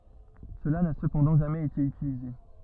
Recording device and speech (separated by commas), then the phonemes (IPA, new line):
rigid in-ear microphone, read sentence
səla na səpɑ̃dɑ̃ ʒamɛz ete ytilize